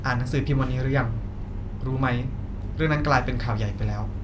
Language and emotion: Thai, neutral